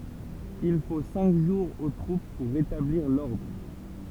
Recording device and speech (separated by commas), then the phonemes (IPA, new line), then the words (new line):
temple vibration pickup, read sentence
il fo sɛ̃k ʒuʁz o tʁup puʁ ʁetabliʁ lɔʁdʁ
Il faut cinq jours aux troupes pour rétablir l'ordre.